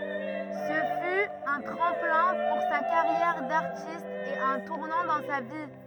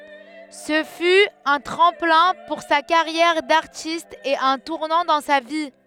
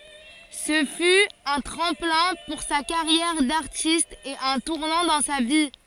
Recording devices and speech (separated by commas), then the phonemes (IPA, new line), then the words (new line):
rigid in-ear microphone, headset microphone, forehead accelerometer, read sentence
sə fy œ̃ tʁɑ̃plɛ̃ puʁ sa kaʁjɛʁ daʁtist e œ̃ tuʁnɑ̃ dɑ̃ sa vi
Ce fut un tremplin pour sa carrière d'artiste et un tournant dans sa vie.